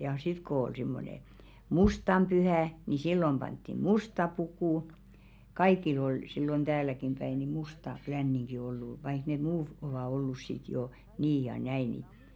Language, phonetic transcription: Finnish, ja sit kŏ ‿ol simmone , "mustam pyhä̀ , ni "sillom 'panttiᵐ "musta 'pukù , "kaikil ‿ol , sillon 'ᴅääläkim päi ni 'musta 'klänniŋɢi ollu vaik ne "muu 'ovà ollus sit jò , 'nii ja 'näì ni ,.
- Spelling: ja sitten kun oli semmoinen mustan pyhä niin silloin pantiin musta puku kaikilla oli silloin täälläkin päin niin musta leninki ollut vaikka ne muut ovat ollut sitten jo niin ja näin niin

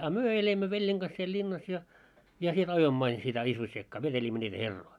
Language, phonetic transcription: Finnish, a "myö elimmö 'veĺjeŋ ɢas siel 'ĺinnas ja , ja siel 'ajoimmᵒ ‿ain sitä 'isvossiekkaa 'veteĺimmö ńiitä "herroi .
- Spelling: a me elimme veljen - siellä linnassa ja ja siellä ajoimme aina sitä isvossiekkaa vetelimme niitä herroja

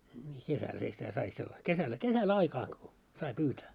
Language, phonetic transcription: Finnish, 'kesälhä sitä sai sella- , 'kesällä 'kesä'l ‿aikaa ko , 'sai 'pyytää .
- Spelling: kesällähän sitä sai - kesällä kesällä aikaa kun sai pyytää

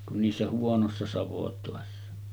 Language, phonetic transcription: Finnish, kun niissä 'huonossa 'savotòessa .
- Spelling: kuin niissä huonoissa savotoissa

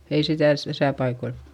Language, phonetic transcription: Finnish, ei sitä̀ s- täsä paikoil .
- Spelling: ei sitä - tässä paikoilla

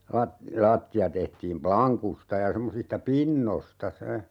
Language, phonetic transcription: Finnish, 'lat- , "laatti₍a tehtiim 'plaŋkusta ja 'semmosista 'pinnosta 'se .
- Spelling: - lattia tehtiin lankusta ja semmoisista pinnoista se

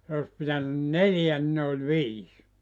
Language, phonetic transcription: Finnish, se os 'pitänyn "neljä ni ne oĺ "viis .
- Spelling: se olisi pitänyt neljä niin ne oli viisi

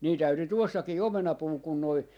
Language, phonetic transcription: Finnish, 'nii täyty 'tuossakii "omenapuu kun noi ,.
- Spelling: niin täytyi tuossakin omenapuu kun nuo

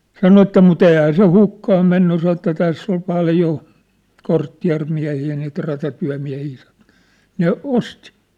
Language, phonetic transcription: Finnish, sano että mu't ‿èihä se 'hukkaʰ menny sa että 'täss ‿ol 'paljo , 'korttiä̭rmiähii niit ratatyä̭miä̭hii sa(ɴᴏ) , 'ne 'osti .
- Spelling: sanoi että mutta eihän se hukkaan mennyt sanoi että tässä oli paljon kortteerimiehiä niitä ratatyömiehiä sanoi ne osti

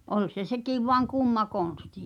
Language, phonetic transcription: Finnish, 'ol se "sekìv voaŋ "kùmma 'kòn̬sti .
- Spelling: oli se sekin vain kumma konsti

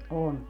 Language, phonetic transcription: Finnish, 'on .
- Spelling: on

